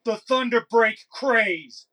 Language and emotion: English, angry